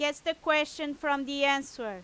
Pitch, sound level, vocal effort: 290 Hz, 95 dB SPL, very loud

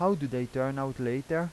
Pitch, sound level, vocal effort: 135 Hz, 86 dB SPL, normal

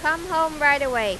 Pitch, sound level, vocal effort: 295 Hz, 100 dB SPL, very loud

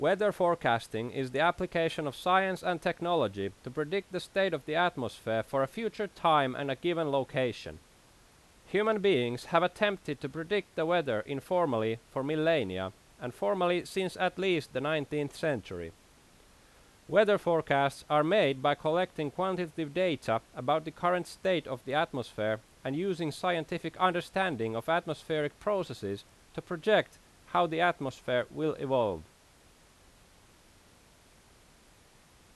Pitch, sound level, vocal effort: 155 Hz, 90 dB SPL, very loud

